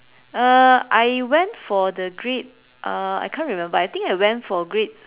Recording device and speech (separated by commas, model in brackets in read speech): telephone, conversation in separate rooms